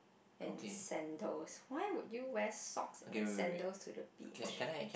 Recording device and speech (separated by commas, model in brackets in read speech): boundary microphone, conversation in the same room